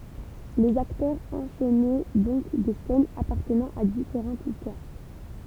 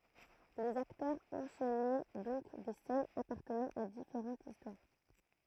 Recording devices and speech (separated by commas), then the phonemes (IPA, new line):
temple vibration pickup, throat microphone, read sentence
lez aktœʁz ɑ̃ʃɛnɛ dɔ̃k de sɛnz apaʁtənɑ̃ a difeʁɑ̃tz istwaʁ